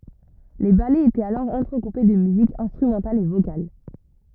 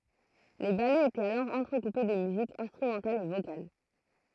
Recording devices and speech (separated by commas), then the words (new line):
rigid in-ear microphone, throat microphone, read sentence
Les ballets étaient alors entrecoupés de musique instrumentale et vocale.